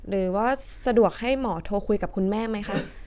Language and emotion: Thai, neutral